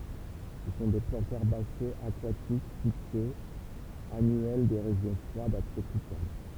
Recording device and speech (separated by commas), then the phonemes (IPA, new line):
temple vibration pickup, read sentence
sə sɔ̃ de plɑ̃tz ɛʁbasez akwatik fiksez anyɛl de ʁeʒjɔ̃ fʁwadz a tʁopikal